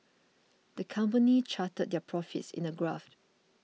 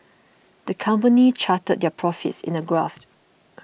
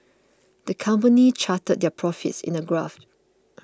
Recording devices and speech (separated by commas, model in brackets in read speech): mobile phone (iPhone 6), boundary microphone (BM630), close-talking microphone (WH20), read sentence